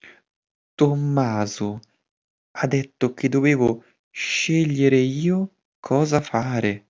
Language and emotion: Italian, surprised